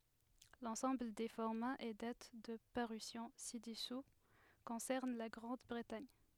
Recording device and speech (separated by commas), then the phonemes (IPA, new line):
headset microphone, read sentence
lɑ̃sɑ̃bl de fɔʁmaz e dat də paʁysjɔ̃ sidɛsu kɔ̃sɛʁn la ɡʁɑ̃dbʁətaɲ